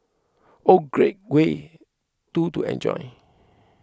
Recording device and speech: close-talking microphone (WH20), read sentence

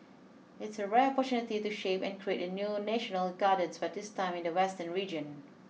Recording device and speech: mobile phone (iPhone 6), read sentence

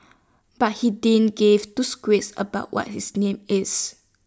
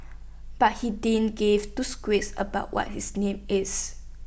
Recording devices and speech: standing microphone (AKG C214), boundary microphone (BM630), read sentence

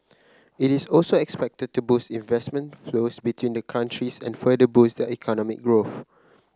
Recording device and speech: close-talking microphone (WH30), read sentence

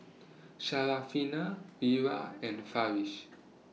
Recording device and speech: mobile phone (iPhone 6), read sentence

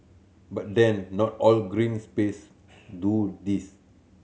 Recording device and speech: mobile phone (Samsung C7100), read sentence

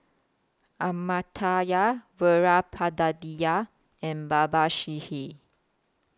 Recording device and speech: close-talking microphone (WH20), read sentence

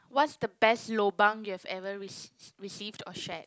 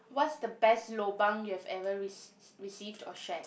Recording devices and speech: close-talking microphone, boundary microphone, conversation in the same room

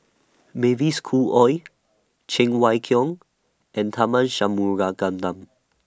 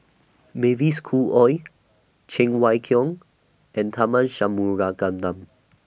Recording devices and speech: standing microphone (AKG C214), boundary microphone (BM630), read sentence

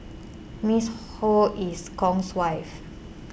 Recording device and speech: boundary microphone (BM630), read sentence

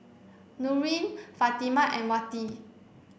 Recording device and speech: boundary microphone (BM630), read sentence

